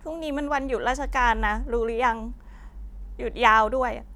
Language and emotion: Thai, sad